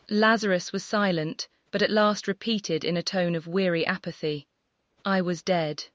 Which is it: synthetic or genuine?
synthetic